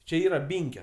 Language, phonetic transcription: Lithuanian, čia ˈyra ˈbinkio

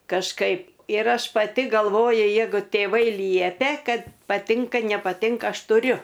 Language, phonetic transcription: Lithuanian, kažˈkaip ir ˈaš paˈti galˈvoju ˈjeigu tėˈvai ˈliepia ˈkad paˈtinka nepaˈtinka ˈaš tuˈriu

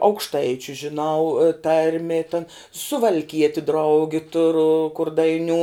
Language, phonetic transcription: Lithuanian, aukšˈtaičiu žiˈnau ˈtarmi tan suvalˈkieti ˈdraugi ˈturu kur daiˈniū

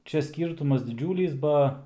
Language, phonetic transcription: Lithuanian, ˈčia ˈskyrtumas diˈdžiūlys ˈba

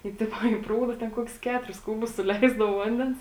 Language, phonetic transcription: Lithuanian, tai ˈtipo į ˈprūda ten ˈkokius ˈketuris ˈkūbus suˈleisdavo ˈvandens

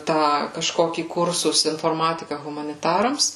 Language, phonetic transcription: Lithuanian, ˈtą kažˈkokį ˈkursus inforˈmatika humaniˈtarams

